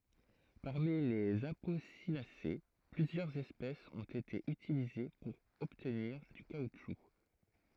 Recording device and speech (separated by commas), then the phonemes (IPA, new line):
throat microphone, read sentence
paʁmi lez aposinase plyzjœʁz ɛspɛsz ɔ̃t ete ytilize puʁ ɔbtniʁ dy kautʃu